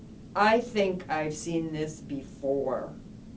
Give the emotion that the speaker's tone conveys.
neutral